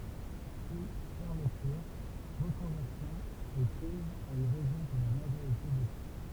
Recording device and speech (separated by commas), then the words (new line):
temple vibration pickup, read sentence
Puis fermetures, reconversions et crises ont eu raison de la majorité des sites.